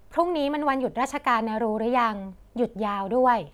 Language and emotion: Thai, neutral